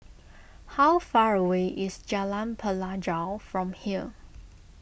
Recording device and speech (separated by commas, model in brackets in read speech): boundary microphone (BM630), read sentence